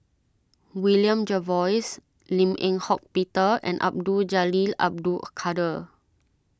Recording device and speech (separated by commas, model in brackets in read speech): standing microphone (AKG C214), read sentence